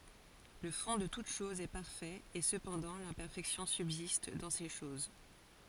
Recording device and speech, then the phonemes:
forehead accelerometer, read sentence
lə fɔ̃ də tut ʃɔz ɛ paʁfɛt e səpɑ̃dɑ̃ lɛ̃pɛʁfɛksjɔ̃ sybzist dɑ̃ se ʃoz

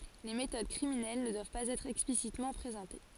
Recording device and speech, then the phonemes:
forehead accelerometer, read sentence
le metod kʁiminɛl nə dwav paz ɛtʁ ɛksplisitmɑ̃ pʁezɑ̃te

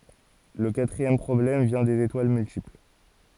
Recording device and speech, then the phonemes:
forehead accelerometer, read sentence
lə katʁiɛm pʁɔblɛm vjɛ̃ dez etwal myltipl

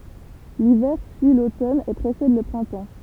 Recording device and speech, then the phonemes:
temple vibration pickup, read sentence
livɛʁ syi lotɔn e pʁesɛd lə pʁɛ̃tɑ̃

